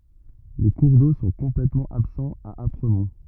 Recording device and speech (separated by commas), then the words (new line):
rigid in-ear microphone, read sentence
Les cours d'eau sont complètement absents à Apremont.